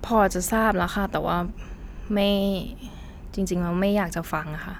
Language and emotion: Thai, frustrated